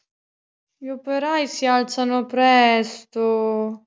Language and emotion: Italian, sad